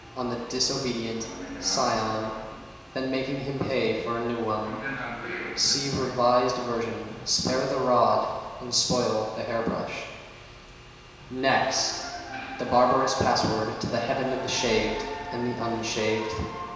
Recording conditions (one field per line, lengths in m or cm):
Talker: one person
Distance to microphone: 1.7 m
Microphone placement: close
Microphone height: 1.0 m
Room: very reverberant, large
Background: television